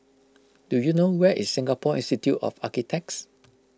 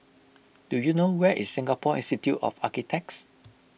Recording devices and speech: close-talking microphone (WH20), boundary microphone (BM630), read sentence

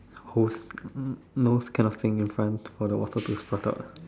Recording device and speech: standing microphone, conversation in separate rooms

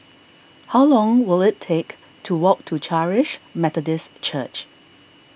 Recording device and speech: boundary microphone (BM630), read sentence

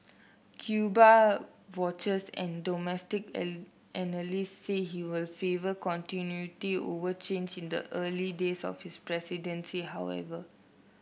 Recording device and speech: boundary microphone (BM630), read sentence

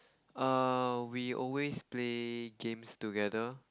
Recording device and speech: close-talking microphone, conversation in the same room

